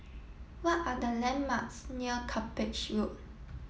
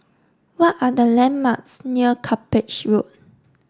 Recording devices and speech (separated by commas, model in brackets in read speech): mobile phone (iPhone 7), standing microphone (AKG C214), read sentence